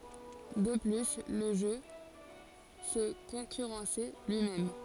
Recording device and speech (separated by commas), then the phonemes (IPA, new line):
forehead accelerometer, read sentence
də ply lə ʒø sə kɔ̃kyʁɑ̃sɛ lyimɛm